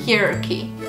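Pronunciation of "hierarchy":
'Hierarchy' is pronounced incorrectly here.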